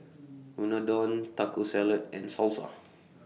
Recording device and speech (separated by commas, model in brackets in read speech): mobile phone (iPhone 6), read sentence